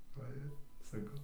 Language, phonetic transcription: Lithuanian, ˈva ir saˈkau

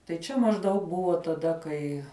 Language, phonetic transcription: Lithuanian, tai ˈčia mažˈdaug ˈbuvo taˈda kai

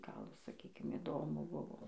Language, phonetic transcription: Lithuanian, ˈgal saˈkykim iˈdomu ˈbuvo

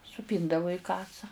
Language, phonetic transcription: Lithuanian, suˈpyndavu į ˈkasa

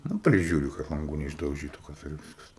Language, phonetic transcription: Lithuanian, nu ˈprižiūri kad lanˈgų neišdauˈžytu kas ir ˈviskas

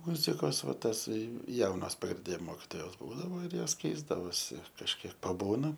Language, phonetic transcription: Lithuanian, ˈmuzikos ˈva ˈtasai ˈjaunas praˈdė mokitoˈjaut ˈbūdavo ir ˈjos ˈkeisdavosi kažˈkiek paˈbūna

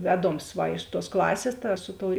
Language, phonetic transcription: Lithuanian, ˈveˌdoms ˈva iš tuos ˈklasės ta ˈsu ˌtou

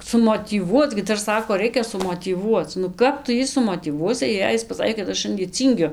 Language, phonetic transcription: Lithuanian, sumotyˈvuoc gi ˈdar ˈsako ˈraikia sumotyˈvuoc nu ˈkap tu ˈjį sumotyˈvuosi jei ˈjis paˈsakė kad ˈaš ˈšandie ˈcyngiu

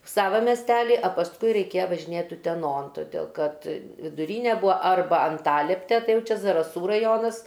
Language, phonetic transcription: Lithuanian, ˈsava mesˈteli a pasˈkui reiˈkėja važiˈnėt uteˈnon toˈdėl kad viduˈryne ˈbūa ˈarba anˈtalepte ˈtai ˈjau ˈčia zaraˈsų raˈjonas

